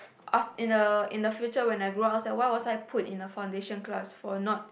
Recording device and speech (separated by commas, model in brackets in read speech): boundary microphone, conversation in the same room